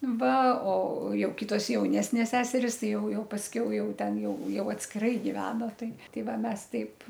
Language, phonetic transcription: Lithuanian, ˈva o ˈjau ˈkitos jauˈnesnės ˈseseris ˈti jau ˈjau pasˈkiau ˈjau ˈten ˈjau ˈjau atskiˈrai giˈvena ˈtai ˈtai ˈva ˈmes ˈteip

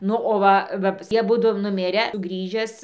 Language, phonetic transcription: Lithuanian, ˈnu o ˈva va ˈjie aˈbudu nuˈmirę ˈgrįžęs

